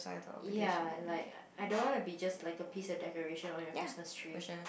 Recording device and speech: boundary microphone, conversation in the same room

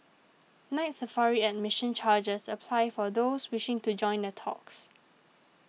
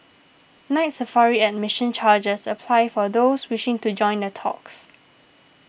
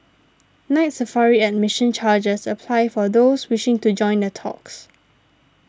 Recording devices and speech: mobile phone (iPhone 6), boundary microphone (BM630), standing microphone (AKG C214), read sentence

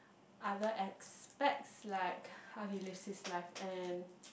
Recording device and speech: boundary microphone, conversation in the same room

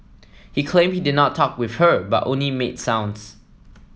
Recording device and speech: mobile phone (iPhone 7), read sentence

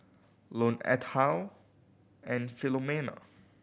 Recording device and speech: boundary microphone (BM630), read sentence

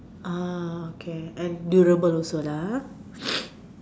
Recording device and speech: standing microphone, conversation in separate rooms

